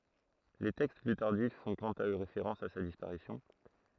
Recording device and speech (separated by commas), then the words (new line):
throat microphone, read sentence
Les textes plus tardifs font quant à eux référence à sa disparition.